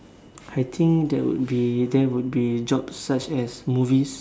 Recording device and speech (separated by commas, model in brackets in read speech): standing microphone, conversation in separate rooms